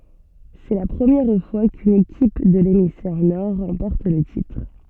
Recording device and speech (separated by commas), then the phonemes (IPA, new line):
soft in-ear microphone, read sentence
sɛ la pʁəmjɛʁ fwa kyn ekip də lemisfɛʁ nɔʁ ʁɑ̃pɔʁt lə titʁ